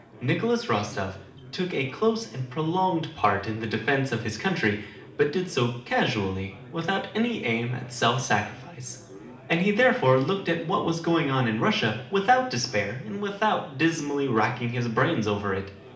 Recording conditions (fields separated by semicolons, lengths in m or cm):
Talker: one person; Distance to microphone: 2.0 m; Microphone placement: close; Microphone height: 99 cm; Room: medium-sized (5.7 m by 4.0 m); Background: babble